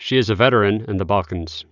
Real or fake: real